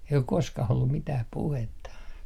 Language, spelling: Finnish, ei ole koskaan ollut mitään puhetta
- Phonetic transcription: ei ok 'koskah ollum mitäh 'puhetta .

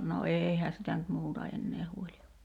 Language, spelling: Finnish, no eihän sitä nyt muuta enää huoli olla
- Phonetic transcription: no "eeihä sitä nyt 'muuta ennee 'huoli o[lla] .

